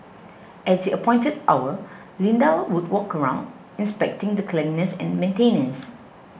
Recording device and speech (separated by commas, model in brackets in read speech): boundary microphone (BM630), read sentence